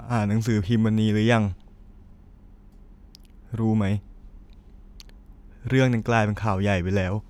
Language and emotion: Thai, sad